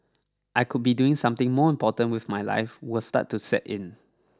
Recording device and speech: standing microphone (AKG C214), read sentence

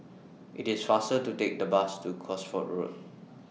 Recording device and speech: mobile phone (iPhone 6), read sentence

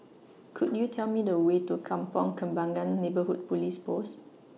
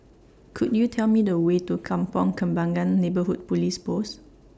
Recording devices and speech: mobile phone (iPhone 6), standing microphone (AKG C214), read sentence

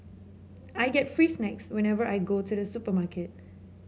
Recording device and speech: mobile phone (Samsung C7), read sentence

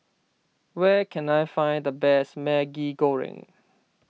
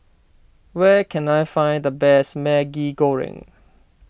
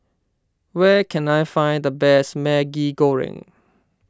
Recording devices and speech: mobile phone (iPhone 6), boundary microphone (BM630), standing microphone (AKG C214), read sentence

